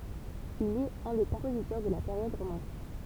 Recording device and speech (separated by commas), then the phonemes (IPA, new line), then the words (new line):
temple vibration pickup, read sentence
il ɛt œ̃ de kɔ̃pozitœʁ də la peʁjɔd ʁomɑ̃tik
Il est un des compositeurs de la période romantique.